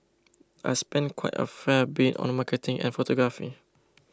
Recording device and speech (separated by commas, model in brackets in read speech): close-talking microphone (WH20), read sentence